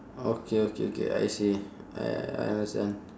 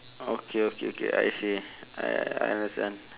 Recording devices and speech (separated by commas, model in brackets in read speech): standing microphone, telephone, conversation in separate rooms